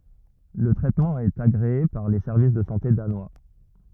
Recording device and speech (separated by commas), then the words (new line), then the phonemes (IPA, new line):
rigid in-ear microphone, read sentence
Le traitement est agréé par les Services de santé Danois.
lə tʁɛtmɑ̃ ɛt aɡʁee paʁ le sɛʁvis də sɑ̃te danwa